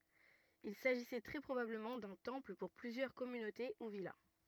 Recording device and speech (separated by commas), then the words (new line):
rigid in-ear microphone, read sentence
Il s’agissait très probablement d'un temple pour plusieurs communautés ou villas.